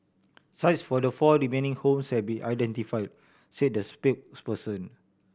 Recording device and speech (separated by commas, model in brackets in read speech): boundary microphone (BM630), read sentence